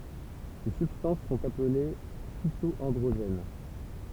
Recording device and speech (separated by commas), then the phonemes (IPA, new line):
temple vibration pickup, read sentence
se sybstɑ̃s sɔ̃t aple fito ɑ̃dʁoʒɛn